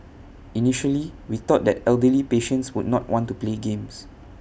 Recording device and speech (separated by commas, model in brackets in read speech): boundary microphone (BM630), read sentence